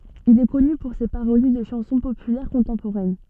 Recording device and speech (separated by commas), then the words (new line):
soft in-ear microphone, read sentence
Il est connu pour ses parodies de chansons populaires contemporaines.